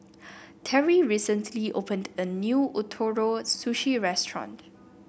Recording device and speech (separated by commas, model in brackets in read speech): boundary microphone (BM630), read sentence